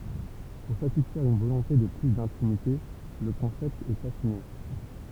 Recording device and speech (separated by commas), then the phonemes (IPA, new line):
temple vibration pickup, read sentence
puʁ satisfɛʁ yn volɔ̃te də ply dɛ̃timite lə kɔ̃sɛpt ɛt afine